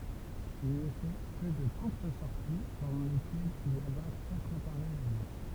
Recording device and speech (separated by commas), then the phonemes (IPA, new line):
temple vibration pickup, read sentence
il nə fɛ kə də kuʁt sɔʁti pɑ̃dɑ̃ lekɛlz il aba katʁ apaʁɛjz alje